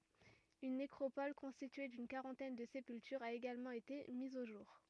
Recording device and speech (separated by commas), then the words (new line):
rigid in-ear microphone, read sentence
Une nécropole constituée d'une quarantaine de sépultures a également été mise au jour.